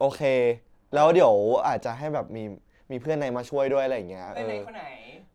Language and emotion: Thai, neutral